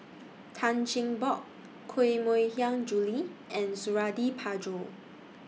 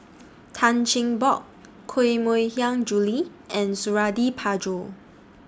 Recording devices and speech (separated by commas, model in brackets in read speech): mobile phone (iPhone 6), standing microphone (AKG C214), read sentence